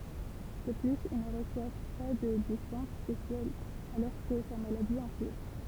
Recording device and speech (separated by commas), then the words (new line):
temple vibration pickup, read sentence
De plus, il ne reçoit pas de dispense spéciale alors que sa maladie empire.